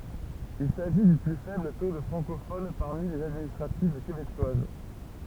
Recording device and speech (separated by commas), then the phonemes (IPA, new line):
temple vibration pickup, read sentence
il saʒi dy ply fɛbl to də fʁɑ̃kofon paʁmi lez administʁativ kebekwaz